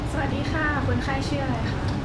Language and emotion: Thai, neutral